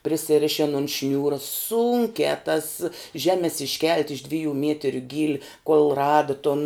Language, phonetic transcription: Lithuanian, prisiˈrišin on ˈšniūra ˈsūnkiā tas ˈžemes išˈkelt' iš ˈdvijų ˈmietiriu ˈgyli kol ˈrada ton

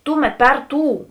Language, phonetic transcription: Lithuanian, ˈtuˌmet ˈper ˈtų

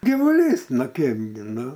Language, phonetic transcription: Lithuanian, gyvuˈlys ˈnu ˈkeipgi ˈnu

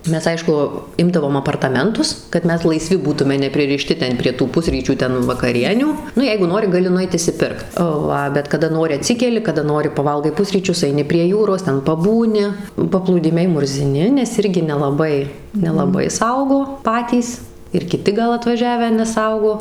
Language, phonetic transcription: Lithuanian, ˈmes ˈaišku ˈimdavom apartaˈmentus kad ˈmes laiˈsvi ˈbūtume nepririˈšti ˈten prie tų ˈpusryčių ˈten vakaˈrienių ˈnu ˈjeigu ˈnori gaˈli nuˈeit išsiˈpirkt ˈva bet kaˈda ˈnori aˈtsikeli kaˈda ˈnori paˈvalgai ˈpusryčius aiˈni prie ˈjūros ˈten paˈbūni paplūˈdimiai murziˈni nes ˈirgi nelaˈbai nelaˈbai ˈsaugo ˈpatys ir kiˈti gal atvaˈžiavę neˈsaugo

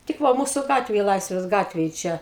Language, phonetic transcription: Lithuanian, tik ˈva ˈmūsu ˈgatvėj ˈlaisvės ˈgatvėj ˈčia

